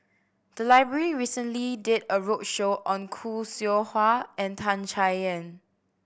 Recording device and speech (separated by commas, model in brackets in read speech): boundary microphone (BM630), read sentence